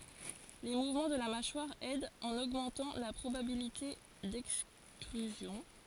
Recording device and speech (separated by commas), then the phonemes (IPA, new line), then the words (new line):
forehead accelerometer, read sentence
le muvmɑ̃ də la maʃwaʁ ɛdt ɑ̃n oɡmɑ̃tɑ̃ la pʁobabilite dɛkstʁyzjɔ̃
Les mouvements de la mâchoire aident en augmentant la probabilité d'extrusion.